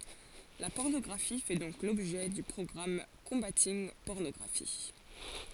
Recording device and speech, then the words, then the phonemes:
forehead accelerometer, read sentence
La pornographie fait donc l'objet du programme Combating Pornography.
la pɔʁnɔɡʁafi fɛ dɔ̃k lɔbʒɛ dy pʁɔɡʁam kɔ̃batinɡ pɔʁnɔɡʁafi

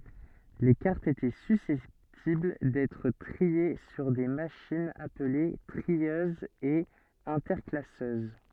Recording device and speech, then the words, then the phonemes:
soft in-ear microphone, read sentence
Les cartes étaient susceptibles d'être triées sur des machines appelées trieuses et interclasseuses.
le kaʁtz etɛ sysɛptibl dɛtʁ tʁie syʁ de maʃinz aple tʁiøzz e ɛ̃tɛʁklasøz

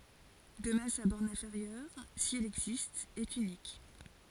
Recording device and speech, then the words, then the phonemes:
forehead accelerometer, read sentence
De même sa borne inférieure, si elle existe, est unique.
də mɛm sa bɔʁn ɛ̃feʁjœʁ si ɛl ɛɡzist ɛt ynik

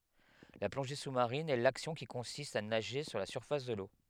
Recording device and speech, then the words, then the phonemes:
headset microphone, read sentence
La plongée sous-marine est l'action qui consiste à nager sous la surface de l'eau.
la plɔ̃ʒe susmaʁin ɛ laksjɔ̃ ki kɔ̃sist a naʒe su la syʁfas də lo

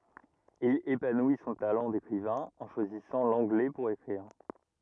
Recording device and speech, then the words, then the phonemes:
rigid in-ear microphone, read sentence
Il épanouit son talent d'écrivain en choisissant l'anglais pour écrire.
il epanwi sɔ̃ talɑ̃ dekʁivɛ̃ ɑ̃ ʃwazisɑ̃ lɑ̃ɡlɛ puʁ ekʁiʁ

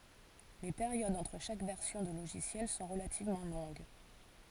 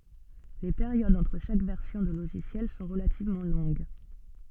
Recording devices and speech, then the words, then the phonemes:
forehead accelerometer, soft in-ear microphone, read sentence
Les périodes entre chaque version de logiciel sont relativement longues.
le peʁjodz ɑ̃tʁ ʃak vɛʁsjɔ̃ də loʒisjɛl sɔ̃ ʁəlativmɑ̃ lɔ̃ɡ

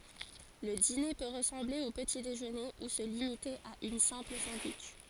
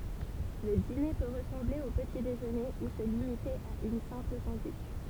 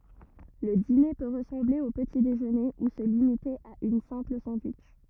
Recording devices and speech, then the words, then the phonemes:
forehead accelerometer, temple vibration pickup, rigid in-ear microphone, read sentence
Le dîner peut ressembler au petit-déjeuner ou se limiter à une simple sandwich.
lə dine pø ʁəsɑ̃ble o pəti deʒøne u sə limite a yn sɛ̃pl sɑ̃dwitʃ

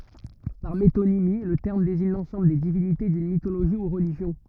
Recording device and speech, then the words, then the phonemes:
rigid in-ear microphone, read sentence
Par métonymie, le terme désigne l'ensemble des divinités d'une mythologie ou religion.
paʁ metonimi lə tɛʁm deziɲ lɑ̃sɑ̃bl de divinite dyn mitoloʒi u ʁəliʒjɔ̃

